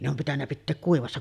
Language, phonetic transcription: Finnish, ne ‿om pitännä pitteek 'kuivassa .
- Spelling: ne on pitänyt pitää kuivassa

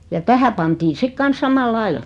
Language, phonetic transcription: Finnish, ja 'tähä pantii 'sik 'kans "samal'laila .
- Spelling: ja tähän pantiin sitten kanssa samalla lailla

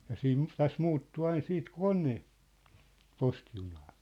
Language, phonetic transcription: Finnish, ja 'siin , 'täs 'muuttu 'ain 'siit "kone , 'posti junaa .
- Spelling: ja siinä tässä muuttui aina sitten kone - postijunaa

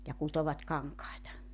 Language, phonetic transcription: Finnish, ja 'kutovat 'kaŋkaeta .
- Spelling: ja kutoivat kankaita

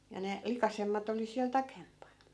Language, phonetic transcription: Finnish, ja 'ne , 'likasemmat ‿oli siäl "takempan .
- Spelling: ja ne likaisemmat oli siellä taempana

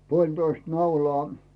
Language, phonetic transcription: Finnish, 'puoĺtoist 'naulaa .
- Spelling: puolitoista naulaa

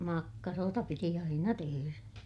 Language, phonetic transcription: Finnish, makkaroota piti aina teherä .
- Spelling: makkaroita piti aina tehdä

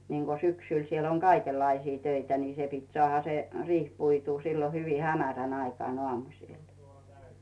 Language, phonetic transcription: Finnish, niiŋɢo 'syksyl siel ‿oŋ "kaikellaisii 'töitä ni se pit 'sᵒàha se 'riih 'puituu sillo hyvi 'hämärän aikᵒàn ‿'oàmus̀il .
- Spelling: niin kuin syksyllä siellä on kaikenlaisia töitä niin se piti saada se riihi puitua silloin hyvin hämärän aikaan aamusilla

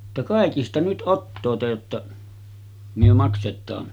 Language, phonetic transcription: Finnish, [et]tä » 'kàikista nyt '’ottoot̳§e jotta , myö 'makset̆taan .
- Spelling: että kaikista nyt ottakaa jotta me maksetaan

